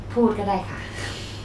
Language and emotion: Thai, frustrated